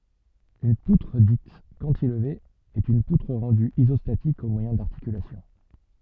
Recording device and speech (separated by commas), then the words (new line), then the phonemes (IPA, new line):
soft in-ear microphone, read sentence
Une poutre dite cantilever est une poutre rendue isostatique au moyen d'articulations.
yn putʁ dit kɑ̃tilve ɛt yn putʁ ʁɑ̃dy izɔstatik o mwajɛ̃ daʁtikylasjɔ̃